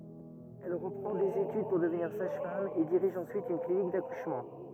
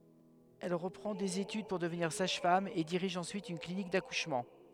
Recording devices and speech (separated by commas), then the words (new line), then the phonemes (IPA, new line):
rigid in-ear microphone, headset microphone, read sentence
Elle reprend des études pour devenir sage-femme et dirige ensuite une clinique d'accouchement.
ɛl ʁəpʁɑ̃ dez etyd puʁ dəvniʁ saʒfam e diʁiʒ ɑ̃syit yn klinik dakuʃmɑ̃